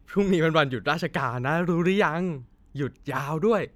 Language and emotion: Thai, happy